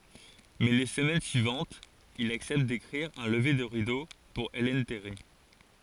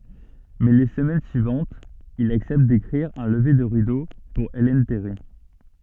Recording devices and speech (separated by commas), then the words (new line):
forehead accelerometer, soft in-ear microphone, read sentence
Mais les semaines suivantes, il accepte d'écrire un lever de rideau pour Ellen Terry.